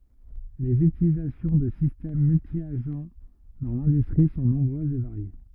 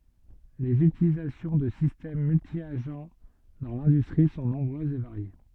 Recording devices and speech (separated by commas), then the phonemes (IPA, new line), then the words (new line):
rigid in-ear microphone, soft in-ear microphone, read sentence
lez ytilizasjɔ̃ də sistɛm myltjaʒ dɑ̃ lɛ̃dystʁi sɔ̃ nɔ̃bʁøzz e vaʁje
Les utilisations de systèmes multi-agents dans l'industrie sont nombreuses et variées.